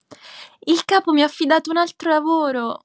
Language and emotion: Italian, happy